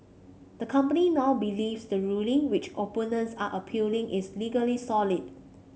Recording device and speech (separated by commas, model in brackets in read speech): mobile phone (Samsung C5), read sentence